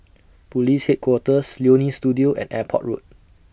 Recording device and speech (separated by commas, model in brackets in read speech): boundary microphone (BM630), read sentence